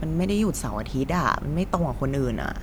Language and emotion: Thai, frustrated